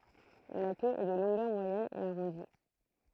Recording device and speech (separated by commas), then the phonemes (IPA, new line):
throat microphone, read sentence
la kø ɛ də lɔ̃ɡœʁ mwajɛn e aʁɔ̃di